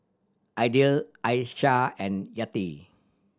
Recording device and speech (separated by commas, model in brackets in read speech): standing microphone (AKG C214), read sentence